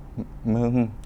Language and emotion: Thai, sad